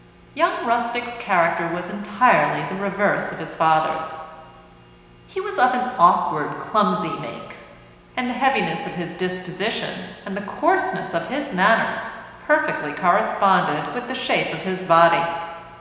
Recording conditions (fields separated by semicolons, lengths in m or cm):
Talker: one person; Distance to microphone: 1.7 m; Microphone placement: close; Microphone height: 1.0 m; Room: very reverberant, large; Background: none